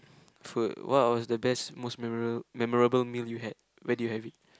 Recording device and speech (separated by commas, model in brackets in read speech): close-talking microphone, conversation in the same room